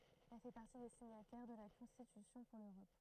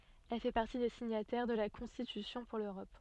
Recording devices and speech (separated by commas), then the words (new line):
throat microphone, soft in-ear microphone, read sentence
Elle fait partie des signataires de la Constitution pour l'Europe.